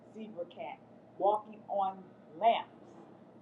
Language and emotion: English, angry